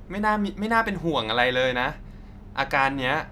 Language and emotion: Thai, neutral